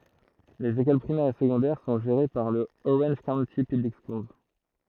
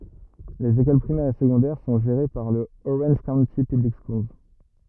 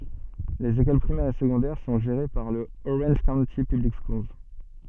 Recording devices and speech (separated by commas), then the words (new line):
throat microphone, rigid in-ear microphone, soft in-ear microphone, read sentence
Les écoles primaires et secondaires sont gérées par le Orange County Public Schools.